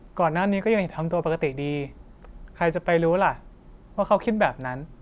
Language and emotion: Thai, neutral